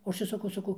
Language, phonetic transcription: Lithuanian, o ˈaš ir saˈkau saˈkau

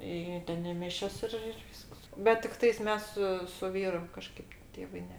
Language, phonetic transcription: Lithuanian, ˈį ˈten i ˈmišias ˈir ir ˈvysks bet tikˈtais ˈmes su su ˈvyru kaˈžkaip ˈtėvai ˈne

